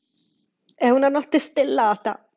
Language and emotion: Italian, happy